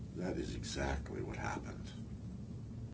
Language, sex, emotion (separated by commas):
English, male, neutral